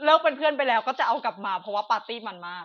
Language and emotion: Thai, happy